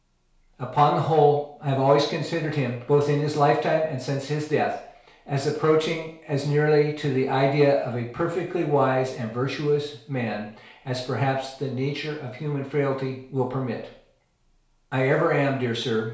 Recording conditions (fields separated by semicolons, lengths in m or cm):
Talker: one person; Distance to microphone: 1.0 m; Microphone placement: close; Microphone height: 1.1 m; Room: small (3.7 m by 2.7 m); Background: none